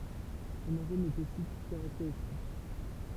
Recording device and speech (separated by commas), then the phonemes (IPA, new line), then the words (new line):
temple vibration pickup, read sentence
sɔ̃n aʁom ɛt osi kaʁakteʁistik
Son arôme est aussi caractéristique.